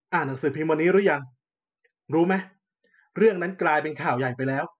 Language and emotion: Thai, frustrated